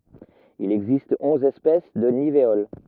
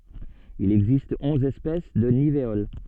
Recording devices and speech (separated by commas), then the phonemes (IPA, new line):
rigid in-ear microphone, soft in-ear microphone, read sentence
il ɛɡzist ɔ̃z ɛspɛs də niveol